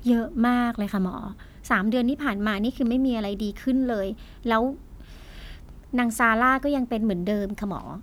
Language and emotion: Thai, frustrated